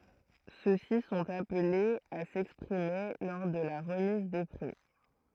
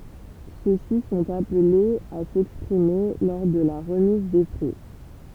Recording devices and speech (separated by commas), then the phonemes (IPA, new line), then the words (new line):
throat microphone, temple vibration pickup, read sentence
sø si sɔ̃t aplez a sɛkspʁime lɔʁ də la ʁəmiz de pʁi
Ceux-ci sont appelés à s'exprimer lors de la remise des prix.